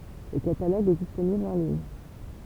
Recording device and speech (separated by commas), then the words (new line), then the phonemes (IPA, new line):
temple vibration pickup, read sentence
Le catalogue est disponible en ligne.
lə kataloɡ ɛ disponibl ɑ̃ liɲ